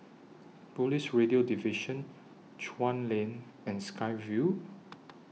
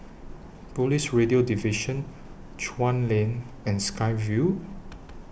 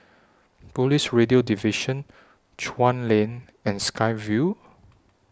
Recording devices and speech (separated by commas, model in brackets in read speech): mobile phone (iPhone 6), boundary microphone (BM630), standing microphone (AKG C214), read sentence